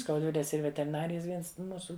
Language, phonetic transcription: Lithuanian, skaudˈvilės ˈyr veteriˈnarijas ˈviens ˈmūsu

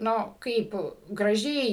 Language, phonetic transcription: Lithuanian, ˈnu ˈkaip graˈžiai

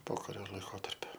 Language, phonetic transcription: Lithuanian, ˈpokario laiˈkotarpiu

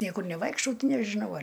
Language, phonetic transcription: Lithuanian, ˈniekur neˈvaikštau ˈti nežiˈnau ˈar

